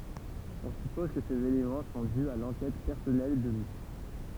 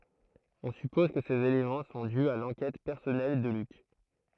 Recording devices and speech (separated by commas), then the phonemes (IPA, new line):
temple vibration pickup, throat microphone, read sentence
ɔ̃ sypɔz kə sez elemɑ̃ sɔ̃ dy a lɑ̃kɛt pɛʁsɔnɛl də lyk